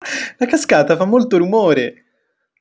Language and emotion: Italian, happy